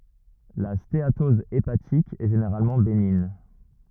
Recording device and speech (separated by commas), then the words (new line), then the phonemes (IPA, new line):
rigid in-ear microphone, read sentence
La stéatose hépatique est généralement bénigne.
la steatɔz epatik ɛ ʒeneʁalmɑ̃ beniɲ